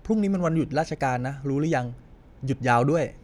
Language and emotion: Thai, neutral